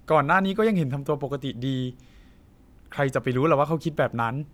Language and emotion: Thai, frustrated